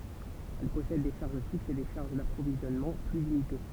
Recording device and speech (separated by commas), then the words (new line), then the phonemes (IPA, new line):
temple vibration pickup, read sentence
Elle possède des charges fixes et des charges d’approvisionnement plus limitées.
ɛl pɔsɛd de ʃaʁʒ fiksz e de ʃaʁʒ dapʁovizjɔnmɑ̃ ply limite